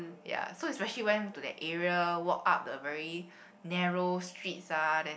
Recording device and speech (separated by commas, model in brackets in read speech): boundary microphone, conversation in the same room